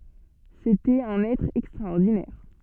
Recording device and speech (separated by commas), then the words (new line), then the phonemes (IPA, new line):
soft in-ear microphone, read sentence
C’était un être extraordinaire.
setɛt œ̃n ɛtʁ ɛkstʁaɔʁdinɛʁ